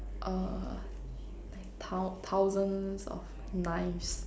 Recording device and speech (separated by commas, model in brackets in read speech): standing microphone, conversation in separate rooms